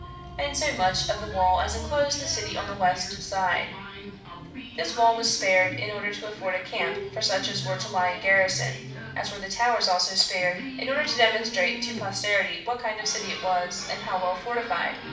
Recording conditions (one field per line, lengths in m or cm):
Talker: one person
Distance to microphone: 5.8 m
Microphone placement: far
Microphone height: 1.8 m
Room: medium-sized (5.7 m by 4.0 m)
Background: television